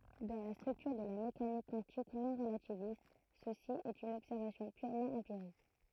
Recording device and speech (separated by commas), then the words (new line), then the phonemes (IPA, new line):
throat microphone, read sentence
Dans la structure de la mécanique quantique non-relativiste, ceci est une observation purement empirique.
dɑ̃ la stʁyktyʁ də la mekanik kwɑ̃tik nɔ̃ʁlativist səsi ɛt yn ɔbsɛʁvasjɔ̃ pyʁmɑ̃ ɑ̃piʁik